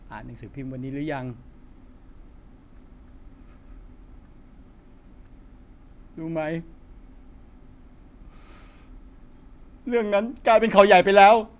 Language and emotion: Thai, sad